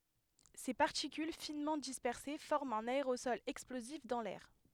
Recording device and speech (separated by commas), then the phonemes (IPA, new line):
headset microphone, read sentence
se paʁtikyl finmɑ̃ dispɛʁse fɔʁmt œ̃n aeʁosɔl ɛksplozif dɑ̃ lɛʁ